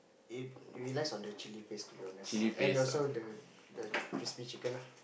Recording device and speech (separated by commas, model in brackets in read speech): boundary microphone, conversation in the same room